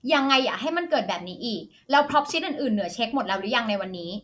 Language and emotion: Thai, angry